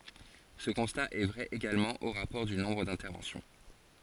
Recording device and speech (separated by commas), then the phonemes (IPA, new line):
forehead accelerometer, read sentence
sə kɔ̃sta ɛ vʁɛ eɡalmɑ̃ o ʁapɔʁ dy nɔ̃bʁ dɛ̃tɛʁvɑ̃sjɔ̃